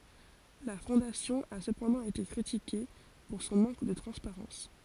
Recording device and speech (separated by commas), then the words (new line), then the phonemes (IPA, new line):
forehead accelerometer, read sentence
La Fondation a cependant été critiquée pour son manque de transparence.
la fɔ̃dasjɔ̃ a səpɑ̃dɑ̃ ete kʁitike puʁ sɔ̃ mɑ̃k də tʁɑ̃spaʁɑ̃s